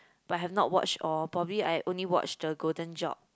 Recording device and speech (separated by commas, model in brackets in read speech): close-talking microphone, conversation in the same room